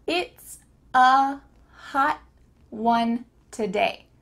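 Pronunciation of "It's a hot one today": In 'hot', the final t is gone: no air is let through at the end of the word.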